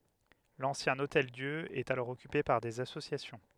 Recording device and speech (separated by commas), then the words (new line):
headset microphone, read sentence
L'ancien Hôtel-Dieu est alors occupé par des associations.